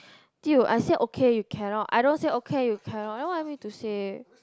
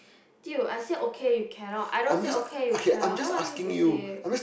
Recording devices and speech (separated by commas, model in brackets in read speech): close-talking microphone, boundary microphone, conversation in the same room